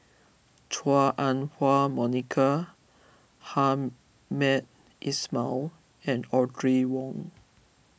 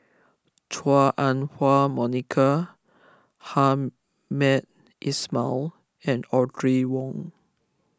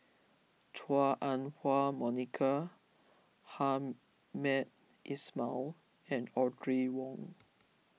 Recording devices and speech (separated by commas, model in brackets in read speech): boundary microphone (BM630), close-talking microphone (WH20), mobile phone (iPhone 6), read sentence